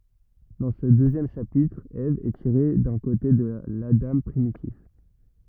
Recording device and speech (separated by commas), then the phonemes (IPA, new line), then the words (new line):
rigid in-ear microphone, read sentence
dɑ̃ sə døzjɛm ʃapitʁ ɛv ɛ tiʁe dœ̃ kote də ladɑ̃ pʁimitif
Dans ce deuxième chapitre, Ève est tirée d'un côté de l'Adam primitif.